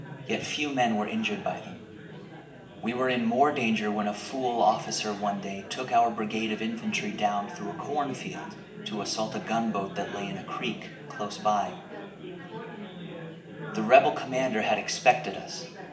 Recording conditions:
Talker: one person; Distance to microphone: 1.8 m; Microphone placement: close; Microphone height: 1.0 m; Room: large; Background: babble

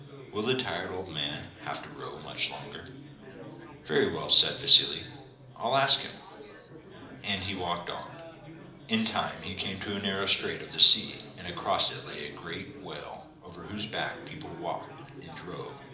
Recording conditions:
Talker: one person; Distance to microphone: 2.0 m; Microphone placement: close; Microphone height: 99 cm; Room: medium-sized (5.7 m by 4.0 m); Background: babble

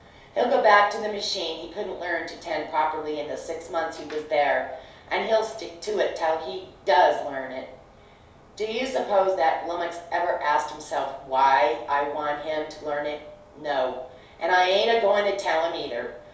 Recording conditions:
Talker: one person; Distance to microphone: 3.0 m; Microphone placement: far; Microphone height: 1.8 m; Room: small (3.7 m by 2.7 m); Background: none

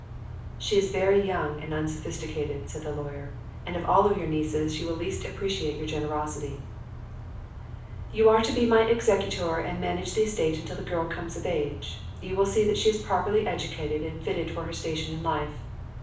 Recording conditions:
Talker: one person; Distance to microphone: 5.8 m; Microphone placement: far; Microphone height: 1.8 m; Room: medium-sized (5.7 m by 4.0 m); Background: none

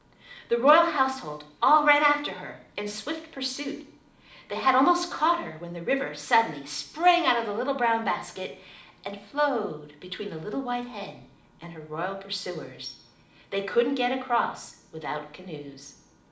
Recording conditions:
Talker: one person; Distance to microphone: 2.0 m; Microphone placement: close; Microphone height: 99 cm; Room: medium-sized (5.7 m by 4.0 m); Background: none

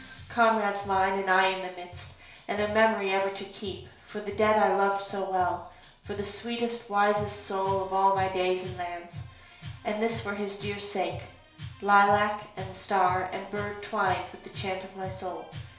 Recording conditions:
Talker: one person; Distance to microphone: 1.0 m; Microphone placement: close; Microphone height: 1.1 m; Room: small (3.7 m by 2.7 m); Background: music

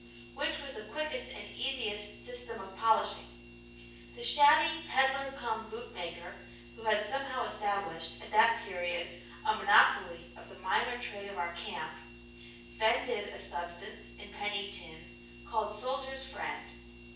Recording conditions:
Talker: one person; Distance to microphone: 9.8 m; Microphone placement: far; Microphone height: 1.8 m; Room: large; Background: none

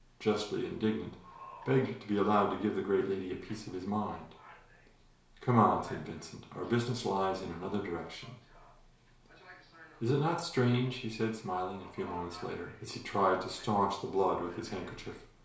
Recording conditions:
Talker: one person; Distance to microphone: 1.0 m; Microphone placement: close; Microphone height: 1.1 m; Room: small (3.7 m by 2.7 m); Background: television

